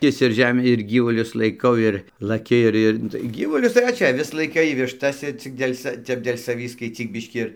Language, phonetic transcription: Lithuanian, ˈkis ir ˈžemį ir ˈgyvulius laiˈkau ir laˈki ir ˈir ˈnu tai ˈgyvulius tai va ˈčia aˈvis laiˈkai višˈtas i ˈcik dėl' sa ˈtep dėl' saˈvį skaicyk ˈbiškį ir

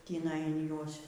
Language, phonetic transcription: Lithuanian, tįˈnai in ˈjuos

